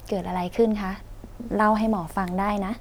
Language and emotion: Thai, neutral